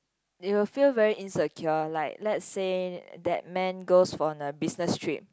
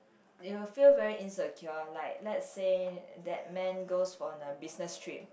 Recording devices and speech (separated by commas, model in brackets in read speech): close-talking microphone, boundary microphone, conversation in the same room